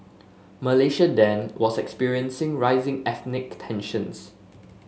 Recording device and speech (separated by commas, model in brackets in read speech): mobile phone (Samsung S8), read sentence